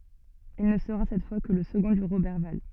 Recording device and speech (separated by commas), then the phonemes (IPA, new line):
soft in-ear microphone, read sentence
il nə səʁa sɛt fwa kə lə səɡɔ̃ də ʁobɛʁval